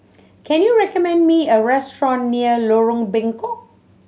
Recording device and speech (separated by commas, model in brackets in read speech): mobile phone (Samsung C7100), read sentence